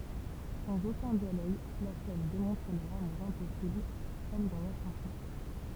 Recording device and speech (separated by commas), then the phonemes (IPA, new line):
temple vibration pickup, read sentence
sɑ̃z okœ̃ djaloɡ la sɛn demɔ̃tʁ lœʁ amuʁ ɛ̃pɔsibl kɔm dɑ̃ la ʃɑ̃sɔ̃